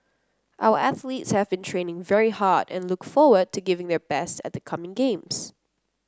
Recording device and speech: close-talking microphone (WH30), read sentence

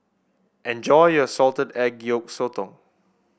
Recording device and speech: boundary microphone (BM630), read sentence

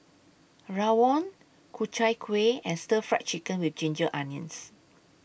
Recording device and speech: boundary microphone (BM630), read sentence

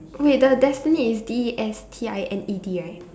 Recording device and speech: standing microphone, conversation in separate rooms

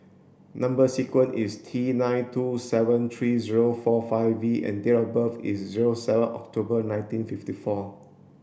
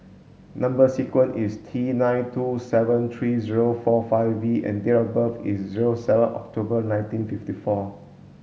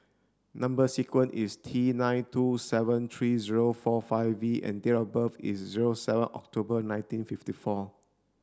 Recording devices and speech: boundary microphone (BM630), mobile phone (Samsung S8), standing microphone (AKG C214), read sentence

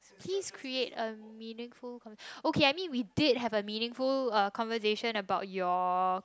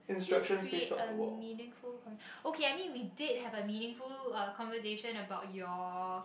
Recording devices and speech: close-talking microphone, boundary microphone, conversation in the same room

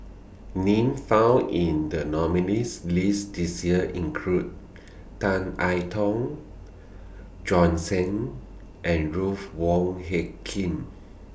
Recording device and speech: boundary microphone (BM630), read sentence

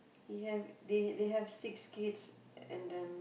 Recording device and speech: boundary microphone, conversation in the same room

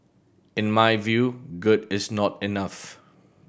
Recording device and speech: boundary microphone (BM630), read sentence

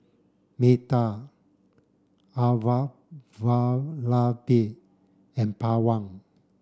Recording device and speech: standing microphone (AKG C214), read sentence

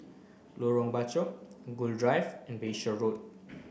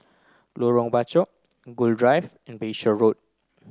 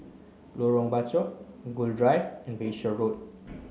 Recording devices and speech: boundary microphone (BM630), close-talking microphone (WH30), mobile phone (Samsung C9), read sentence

